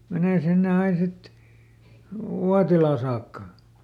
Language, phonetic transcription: Finnish, ˈmenè sinne ˈain ˈsit , "Uatilà saakka .
- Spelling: menee sinne aina sitten Uotilaan saakka

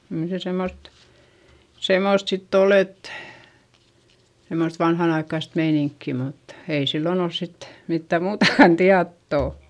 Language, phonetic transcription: Finnish, kyl se semmost , semmòst sitt ‿ol ‿et , semmost vanhan ‿aikkaist meiniŋkki mut , ei sillon ‿ols sit , mittä muutakan tiattò .
- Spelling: kyllä se semmoista semmoista sitten oli että semmoista vanhan aikaista meininkiä mutta ei silloin ollut sitten mitään muutakaan tietoa

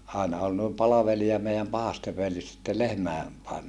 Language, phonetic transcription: Finnish, àena ol nòim palavelia meiäm pahaste völjys sitte lehmä̀e , pae(menessa) .
- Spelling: aina oli noin palvelija meidän pahasten följyssä sitten lehmien paimenessa

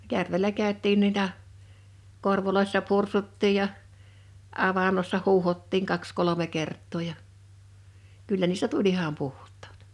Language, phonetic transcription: Finnish, 'järvelä 'kä̀öt̆tiin 'nuita , 'korvoloissa 'pursuttiij ja , 'avannossa 'huuhottiŋ 'kaks 'kolome 'kert̆too ja , 'kyllä niistä "tuĺ ‿iham 'puht̀ᴀᴀt .
- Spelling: järvellä käytiin noita korvoissa pursuttiin ja avannossa huuhdottiin kaksi kolme kertaa ja kyllä niistä tuli ihan puhtaat

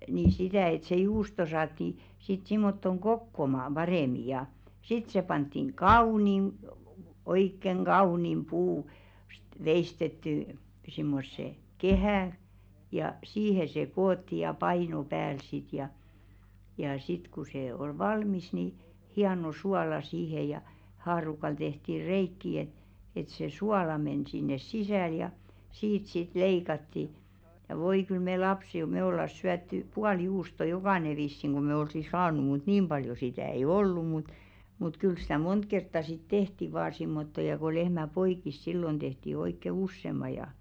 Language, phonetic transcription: Finnish, ni 'sitä̀ et se 'juusto 'saatti , sit simmottoŋ "ɢokkomaam 'ʙarèmi ja , 'sit se panttiŋ "kaunim , 'oikkeŋ "ɢaunim 'puu- , -st 'veistettỳ , simmosse , 'kehä̀ , ja 'siihe se 'kootti ja "paino 'pääl sit ja , ja 'sit ku se ol "valmis ni , "hiano 'suala siihe ja , 'haarukal tehti "reikki et , et se 'suala men sinnes "sisä̀l ja , 'siit sit "leikatti , ja 'voi kyl me "lapsi- ᵒˉ me ollas 'syätty , "pual "juusto 'jokàne vissiŋ ɢu me 'olsi "saaǹu mut 'niim ʙaljo 'sitä̀ ei "ollu mut , mut 'kyl stä "mont kertta sit "tehti 'vaa simmotto ja ko 'lehmä 'poik̀is "sillon ᴅehti 'oikke "ussem̆ma ja .
- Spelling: niin sitä että se juusto saatiin sitten semmottoon kokoaumaan paremmin ja sitten se pantiin kauniin oikein kauniin - puusta veistettyyn semmoiseen kehään ja siihen se koottiin ja paino päälle sitten ja ja sitten kun se oli valmis niin hieno suola siihen ja haarukalla tehtiin reikiä että että se suola meni sinne sisälle ja siitä sitten leikattiin ja voi kyllä me - - me oltaisiin syöty puoli juustoa jokainen vissiin kun me olisi saanut mutta niin paljon sitä ei ollut mutta mutta kyllä sitä monta kertaa sitten tehtiin vain semmottoon ja kun lehmä poiki silloin tehtiin oikein useamman ja

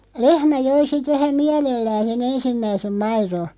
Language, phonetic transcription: Finnish, 'lehmä 'joi sit 'vähä "miälellään̬ 'se"n ‿ensimmäisem 'mairo .
- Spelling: lehmä joi sitten vähän mielellään sen ensimmäisen maidon

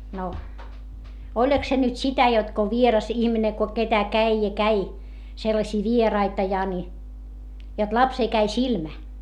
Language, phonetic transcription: Finnish, no , oĺᵃk se nyt sitä jot ko vieras ihmine ko ketä käi ja käi , sellaśii vieraita ja ni , jot lapsee käi silmä .
- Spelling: no oliko se nyt sitä jotta kun vieras ihminen kun ketä kävi ja kävi sellaisia vieraita ja niin jotta lapseen kävi silmä

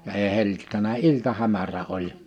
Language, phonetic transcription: Finnish, ja ee hel͕l͕ittänä 'iltahämärä 'oĺ .
- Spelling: ja ei hellittänyt iltahämärä oli

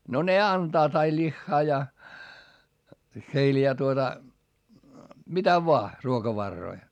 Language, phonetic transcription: Finnish, no ne antaat ai ĺiχχaa ja , heil ja tuota , mitä voa , ruokavarroi .
- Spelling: no ne antavat aina lihaa ja heillä ja tuota mitä vain ruokavaroja

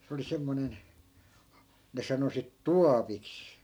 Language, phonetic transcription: Finnish, se oli 'semmonen , ne 'sano sit "tuapiks .
- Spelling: se oli semmoinen ne sanoi sitten tuopiksi

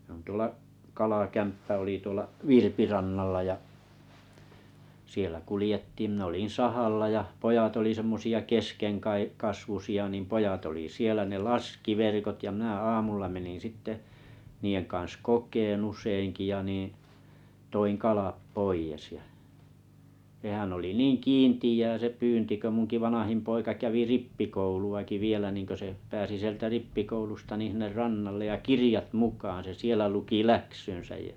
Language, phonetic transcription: Finnish, ˢe on 'tuola’ , 'kalakämppä oli 'tuolla’ "Virpirannallaja’ , sielä 'kulĭjettiim min ‿olin̬ 'sahalla ja , 'pojat oli semmosi₍a 'keskeŋkai- -'kasvusi₍a nim 'pojat oli 'sielä ne "laski 'verkot ja mⁱnä 'aamulla menin 'sitte , niijeŋ kaa̰s 'kok̀een'n ‿useiŋki ja nìⁱ̰ , toiŋ 'kalap 'poijes ja , (s)ehän oli "niiŋ "kiintiʲää se 'pyynti kö 'muŋki 'vanahim poika kävi "rippikoulu₍aki 'vielä niŋkö se , 'pääsi sieltä 'rippikoulusta nìḭ sinner 'rannallej ja "kiriʲat 'mukaan se 'sielä luki "läksynsäjjä ,.
- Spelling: se on tuolla kalakämppä oli tuolla Virpirannalla ja siellä kuljettiin minä olin sahalla ja pojat oli semmoisia - keskenkasvuisia niin pojat oli siellä ne laski verkot ja minä aamulla menin sitten niiden kanssa kokemaan useinkin ja niin toin kalat pois ja sehän oli niin kiinteää se pyynti kun minunkin vanhin poika kävi rippikouluakin vielä niin kun se pääsi sieltä rippikoulusta niin sinne rannalle ja kirjat mukaan se siellä luki läksynsä ja

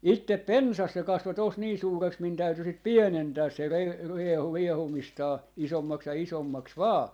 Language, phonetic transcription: Finnish, 'ittep "pensas se 'kasvo tos nii 'suureks min 'täyty 'sit "pienentääs se rie- , 'riehu 'riehumistaa , 'isommaks ja 'isommaks "vaa .
- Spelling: itse pensas se kasvoi tuossa niin suureksi minun täytyi sitten pienentää se - riehui riehumistaan isommaksi ja isommaksi vain

